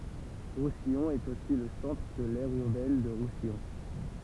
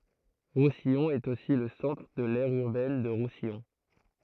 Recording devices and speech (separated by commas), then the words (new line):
temple vibration pickup, throat microphone, read sentence
Roussillon est aussi le centre de l'aire urbaine de Roussillon.